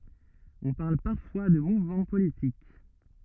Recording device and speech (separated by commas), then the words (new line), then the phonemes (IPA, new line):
rigid in-ear microphone, read sentence
On parle parfois de mouvement politique.
ɔ̃ paʁl paʁfwa də muvmɑ̃ politik